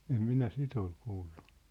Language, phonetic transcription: Finnish, 'em 'minä "sit ‿ol "kuullᴜ .
- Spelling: en minä sitä ole kuullut

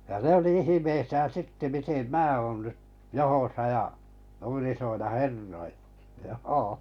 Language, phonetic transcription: Finnish, ja 'ne oli 'ihimeisään̬ 'sitte mitem "mää oon nyt , 'johosa ja , nuin iśoilla "herroillᴀ , 'joo .
- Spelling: ja ne oli ihmeissään sitten miten minä olen nyt johdossa ja noin isoilla herroilla joo

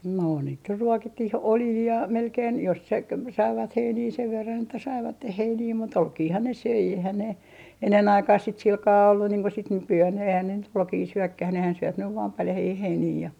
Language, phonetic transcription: Finnish, no niit ny 'ruokittih , "oljii ja melkein , jos se ‿k - 'saivat 'heinii sev verran että 'saivatteh 'heinii mut , "olkiihan ne 'söi eihän ne , 'ennen 'aikaah sit 'silkaa ollu niiŋ ko sit 'nyky₍ään eihän ne nyt "ruokii 'syökkäh nehän 'syöp nyv vaa 'paljahii "heinii ja ,.
- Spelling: no niitä nyt ruokittiin oljilla ja melkein jos se - saivat heiniä sen verran että saivat heiniä mutta olkiahan ne söi eihän ne ennen aikaan sitten sillä kalella ollut niin kuin sitten nykyään eihän ne nyt ruokia syökään nehän syö nyt vain paljaita heiniä ja

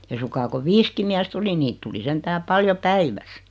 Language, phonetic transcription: Finnish, 'ei suŋkaa ko "viiski miäs't ‿oli 'niit tuli 'sentää "paljo "päiväs .
- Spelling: ei suinkaan kun viisikin miestä oli niitä tuli sentään paljon päivässä

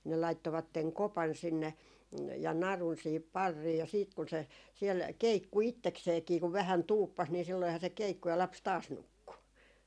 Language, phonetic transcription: Finnish, ne laittovatteŋ "kopan 'sinne , ja 'narun siihip "parrii ja siit kun se , siel "keikku 'ittekseekii ku vähän "tuuppas ni silloiha se "keikku ja 'laps 'taas 'nukku .
- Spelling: ne laittoivat kopan sinne ja narun siihen parriin ja sitten kun se siellä keikkui itsekseenkin kun vähän tuuppasi niin silloinhan se keikkui ja lapsi taas nukkui

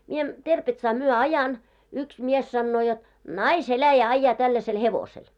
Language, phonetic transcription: Finnish, mie , 'Terpetsaa myö "ajan , yks 'mies sannoo jot , » "nais'eläjä 'aⁱjjaa tälläsel 'hevosel « .
- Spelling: minä Terpetsaa myöten ajan yksi mies sanoo jotta naiseläjä ajaa tällaisella hevosella

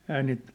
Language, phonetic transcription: Finnish, ehää niit ,.
- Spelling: eihän niitä

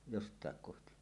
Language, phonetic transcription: Finnish, 'jost̀àek kohti .
- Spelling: jostakin kohti

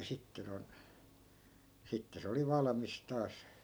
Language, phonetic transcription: Finnish, ja 'sitte non , 'sitte se oli 'valamis taas .
- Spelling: ja sitten noin sitten se oli valmis taas

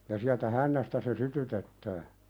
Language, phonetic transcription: Finnish, ja siältä 'hännästä se "sytytettää .
- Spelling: ja sieltä hännästä se sytytetään

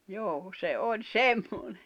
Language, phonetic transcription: Finnish, joo , 'se oĺ "semmoɴᴇ .
- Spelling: joo se oli semmoinen

